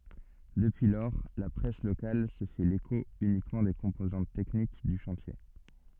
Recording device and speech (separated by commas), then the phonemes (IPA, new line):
soft in-ear microphone, read sentence
dəpyi lɔʁ la pʁɛs lokal sə fɛ leko ynikmɑ̃ de kɔ̃pozɑ̃t tɛknik dy ʃɑ̃tje